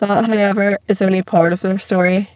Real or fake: fake